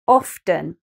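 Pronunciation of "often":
'often' is pronounced with the t sounded.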